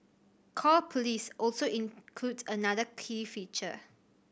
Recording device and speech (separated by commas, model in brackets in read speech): boundary microphone (BM630), read sentence